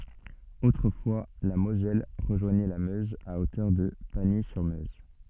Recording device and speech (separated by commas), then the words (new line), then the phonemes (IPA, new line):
soft in-ear microphone, read sentence
Autrefois, la Moselle rejoignait la Meuse à hauteur de Pagny-sur-Meuse.
otʁəfwa la mozɛl ʁəʒwaɲɛ la møz a otœʁ də paɲi syʁ møz